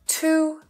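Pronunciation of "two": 'To' is said in its full, stressed form, not its unstressed form.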